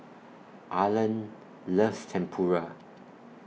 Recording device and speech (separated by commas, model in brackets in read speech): mobile phone (iPhone 6), read sentence